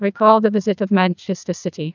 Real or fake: fake